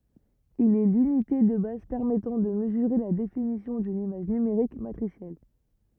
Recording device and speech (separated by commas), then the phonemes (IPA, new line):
rigid in-ear microphone, read sentence
il ɛ lynite də baz pɛʁmɛtɑ̃ də məzyʁe la definisjɔ̃ dyn imaʒ nymeʁik matʁisjɛl